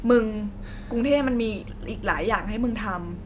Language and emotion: Thai, neutral